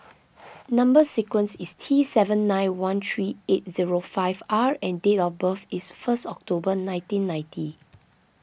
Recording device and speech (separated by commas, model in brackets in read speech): boundary microphone (BM630), read sentence